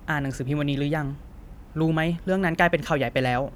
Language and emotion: Thai, frustrated